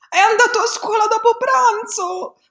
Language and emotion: Italian, sad